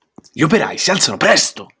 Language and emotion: Italian, angry